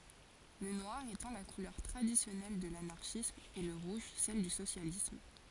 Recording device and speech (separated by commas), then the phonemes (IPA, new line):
forehead accelerometer, read sentence
lə nwaʁ etɑ̃ la kulœʁ tʁadisjɔnɛl də lanaʁʃism e lə ʁuʒ sɛl dy sosjalism